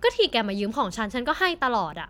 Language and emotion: Thai, frustrated